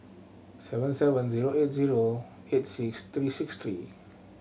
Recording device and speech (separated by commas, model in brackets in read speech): mobile phone (Samsung C7100), read sentence